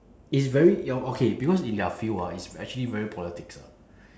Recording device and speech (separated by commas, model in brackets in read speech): standing microphone, conversation in separate rooms